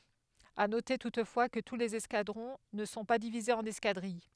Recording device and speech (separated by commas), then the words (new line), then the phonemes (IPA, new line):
headset microphone, read sentence
À noter toutefois, que tous les escadrons ne sont pas divisés en escadrilles.
a note tutfwa kə tu lez ɛskadʁɔ̃ nə sɔ̃ pa divizez ɑ̃n ɛskadʁij